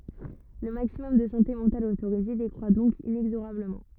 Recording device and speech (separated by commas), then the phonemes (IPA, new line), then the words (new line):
rigid in-ear microphone, read sentence
lə maksimɔm də sɑ̃te mɑ̃tal otoʁize dekʁwa dɔ̃k inɛɡzoʁabləmɑ̃
Le maximum de santé mentale autorisé décroit donc inexorablement.